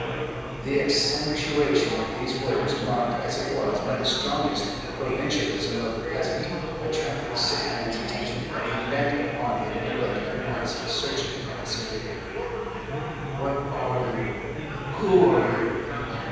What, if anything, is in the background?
Crowd babble.